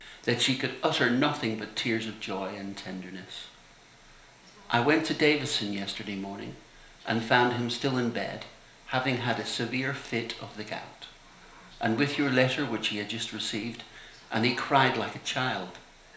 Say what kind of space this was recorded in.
A compact room (about 3.7 m by 2.7 m).